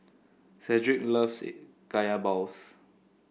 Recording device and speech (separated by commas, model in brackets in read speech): boundary microphone (BM630), read sentence